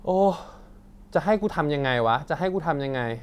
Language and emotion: Thai, frustrated